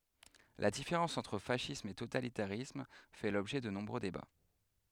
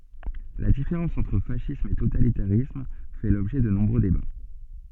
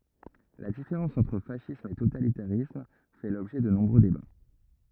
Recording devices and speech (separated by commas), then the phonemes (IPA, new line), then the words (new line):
headset microphone, soft in-ear microphone, rigid in-ear microphone, read sentence
la difeʁɑ̃s ɑ̃tʁ fasism e totalitaʁism fɛ lɔbʒɛ də nɔ̃bʁø deba
La différence entre fascisme et totalitarisme fait l'objet de nombreux débats.